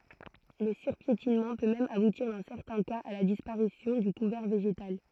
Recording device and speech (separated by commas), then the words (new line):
throat microphone, read sentence
Le surpiétinement peut même aboutir dans certains cas à la disparition du couvert végétal.